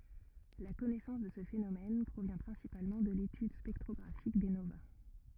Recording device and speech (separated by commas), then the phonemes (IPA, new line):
rigid in-ear microphone, read sentence
la kɔnɛsɑ̃s də sə fenomɛn pʁovjɛ̃ pʁɛ̃sipalmɑ̃ də letyd spɛktʁɔɡʁafik de nova